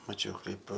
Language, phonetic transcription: Lithuanian, maˈčiau ˈkaip

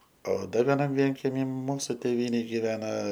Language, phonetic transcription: Lithuanian, o ˈdar veˈnam ˈvienkemy ˈmūsu ˈtėvynėj giˈvena

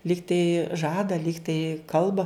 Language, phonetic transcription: Lithuanian, ˈlygtai ˈžada ˈlygtai ˈkalba

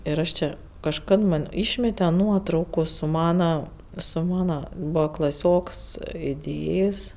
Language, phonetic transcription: Lithuanian, ir ˈaš ˈčia kažˈkad ˈman ˈyšmete ˈnuotraukų su ˈmana su ˈmana ˈbūva klaˈsioks iˈdėjės'

